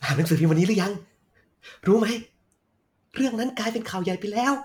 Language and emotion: Thai, happy